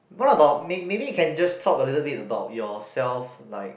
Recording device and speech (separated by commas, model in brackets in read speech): boundary microphone, conversation in the same room